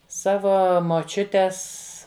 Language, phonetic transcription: Lithuanian, ˈsavo moˈčiutes

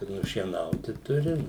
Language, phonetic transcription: Lithuanian, i nušieˈnauti ˈturi

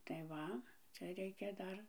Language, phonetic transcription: Lithuanian, tai ˈva ˈcia ˈreikia ˈdar

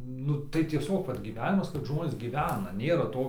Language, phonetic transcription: Lithuanian, ˈnu tai tieˈsiog ˈvat gyˈvenimas kad ˈžmonės gyˈvena ˈnėra ˈto

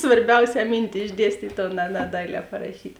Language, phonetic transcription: Lithuanian, svarˈbiausē ˈmynti išˈdiestyt' o ne ne ˈdailē paraˈšyt'

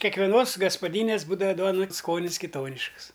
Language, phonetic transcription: Lithuanian, kekveˈnos gaspaˈdynės ˈbūdava ˈduona ˈskonis kiˈtonišks

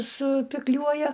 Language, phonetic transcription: Lithuanian, supikˈliuoja

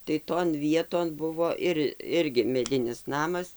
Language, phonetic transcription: Lithuanian, tai ton ˈvieton ˈbuvo ir ˈirgi meˈdinis ˈnamas

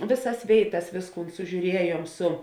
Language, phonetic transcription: Lithuanian, ˈvėˌsas ˈvėiˌtas ˈvėsˌkūn sužiūˈriejuom ˈsu

